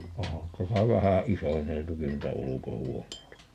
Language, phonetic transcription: Finnish, 'ohan 'täsä "vähä "isonneltukin nuita 'uluko"huoǹeita .
- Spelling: onhan tässä vähän isonneltukin noita ulkohuoneita

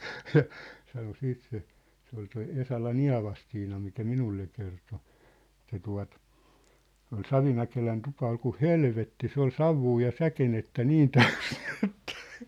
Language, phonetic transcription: Finnish, ja , sano 'siit se , se ‿ol toi 'Esalan ‿"Ia̭vastiina mikä "minulle kerto , et̆tä tua̭t , ol "Savimäkelän 'tupa ol ku "helvetti , 'se ‿ol "savvuu ja "säkenettä "niin tᴀ̈ʏs ɴɪɴ ‿ᴇttᴀ̈ !
- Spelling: ja sanoi sitten se se oli tuo Esalan Eevastiina mikä minulle kertoi että tuota oli Savimäkelän tupa oli kuin helvetti se oli savua ja säkenettä niin täysi niin että

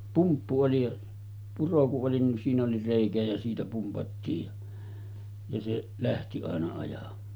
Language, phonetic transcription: Finnish, 'pumppu oli ja , 'puro ku’ ’oli nin siin ‿oli 'rèikä jä siitä 'pumpattiij ja , ja se’ , 'lähti àena ajam̆maa .
- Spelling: pumppu oli ja puro kun oli niin siinä oli reikä ja siitä pumpattiin ja ja se lähti aina ajamaan

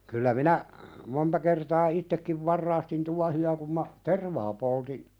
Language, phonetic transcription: Finnish, kyllä 'minä , 'monta kertaa "ittekkiv 'varraastin 'tuahi₍a kum ma , "tervaa polti ,.
- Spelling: kyllä minä monta kertaa itsekin varastin tuohia kun minä tervaa poltin

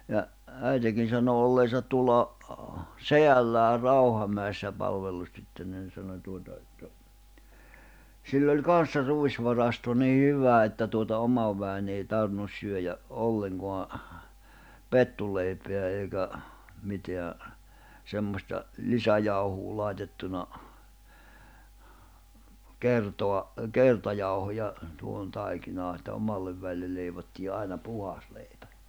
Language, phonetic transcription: Finnish, ja , 'äitekin̬ sano olleesat tuᵒlla , "seʲälläär̆ 'Rauhamä̀i̬ssä 'palvellustyttönnä nⁱ sano 'tuota että , sill ‿oĺ "kan̬ssa 'rùisvarasto nii "hyvä että tuota 'omav vä̀i̬nⁿ ‿ei 'tarᵛⁱnus syöjä’ , '’olleŋɢoa , "pettuleipeä eikä , 'miteä , 'semmośta , "lisäjauhuu 'làitettuna , 'kertoa , "kertajauhoja , tuohon 'taikinaa että 'omallev vä̀i̬lle ̳ leivottii 'àina "puhas lèipᴀ̈ .
- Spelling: ja äitikin sanoi olleensa tuolla sedällään Rauhamäissä palvelustyttönä niin sanoi tuota että sillä oli kanssa ruisvarasto niin hyvä että tuota oman väen ei tarvinnut syödä ollenkaan pettuleipää eikä mitään semmoista lisäjauhoa laitettuna kertaa kertajauhoja tuohon taikinaan että omalle väelle leivottiin aina puhdas leipä

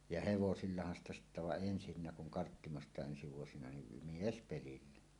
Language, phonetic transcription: Finnish, ja hevosillahan ‿sta sittä vaˀ "ˀensinnä kuŋ 'Karttimostàe’ ’ensi vuosina nim "miespelillä .
- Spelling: ja hevosillahan sitä sitten vaan ensin kun Karttimostakin ensi vuosina niin miespelillä

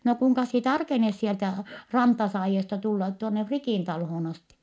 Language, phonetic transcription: Finnish, » no kuŋkas sie tarkenes sieltä , Rantasaajiesta tullat tuonne Frikìn talhoon asti ? »
- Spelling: no kuinkas sinä tarkenet sieltä Rantasaajiosta tulla tuonne Frikin taloon asti

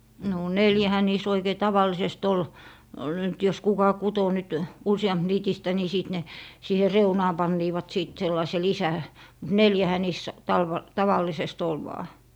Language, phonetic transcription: Finnish, no , "neljähä niis 'oikei 'taval̀isest ol , nyt jos 'kuka 'kuto nyt , "usiʲamp niitistä ni , 'sìt ne , 'siihe "reunaa 'panniivat 'sìt 'sellaise 'lisä- , mut "neljähä niis talv- , 'tavallisest ‿ol vaa .
- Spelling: no neljähän niissä oikein tavallisesti oli nyt jos kuka kutoi nyt - useampiniitistä niin sitten ne siihen reunaan panivat sitten sellaisen - mutta neljähän niissä - tavallisesti oli vain

